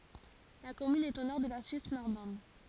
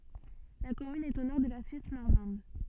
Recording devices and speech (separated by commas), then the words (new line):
forehead accelerometer, soft in-ear microphone, read sentence
La commune est au nord de la Suisse normande.